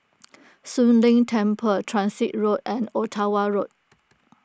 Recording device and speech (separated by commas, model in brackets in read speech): close-talking microphone (WH20), read sentence